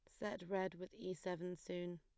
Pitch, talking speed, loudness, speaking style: 185 Hz, 200 wpm, -46 LUFS, plain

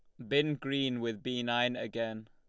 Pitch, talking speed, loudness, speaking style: 120 Hz, 185 wpm, -33 LUFS, Lombard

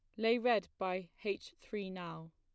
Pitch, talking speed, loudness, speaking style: 195 Hz, 170 wpm, -38 LUFS, plain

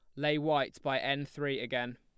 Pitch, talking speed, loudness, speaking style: 140 Hz, 205 wpm, -33 LUFS, plain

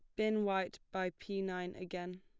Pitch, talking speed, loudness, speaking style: 185 Hz, 180 wpm, -39 LUFS, plain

